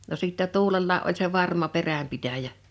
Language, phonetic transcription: Finnish, no sìttɛ "tuulellai ’oĺ se 'varma 'perämpitäjä .
- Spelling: no sitten tuulellakin oli se varma peränpitäjä

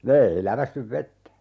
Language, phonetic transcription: Finnish, 'ne ei 'lävässyv "vettä .
- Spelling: ne ei läpäissyt vettä

